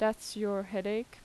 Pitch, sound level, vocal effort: 210 Hz, 84 dB SPL, normal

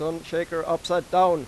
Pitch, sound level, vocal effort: 165 Hz, 97 dB SPL, loud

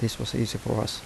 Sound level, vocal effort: 77 dB SPL, soft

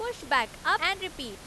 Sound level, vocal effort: 95 dB SPL, loud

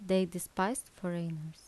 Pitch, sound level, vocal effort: 180 Hz, 77 dB SPL, soft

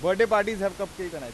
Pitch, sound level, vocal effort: 195 Hz, 101 dB SPL, loud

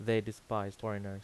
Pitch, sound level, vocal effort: 110 Hz, 84 dB SPL, normal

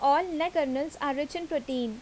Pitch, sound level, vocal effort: 290 Hz, 85 dB SPL, loud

